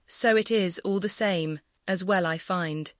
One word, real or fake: fake